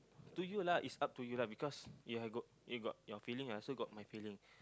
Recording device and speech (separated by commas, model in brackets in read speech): close-talking microphone, conversation in the same room